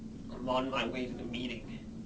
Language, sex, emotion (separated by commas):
English, male, neutral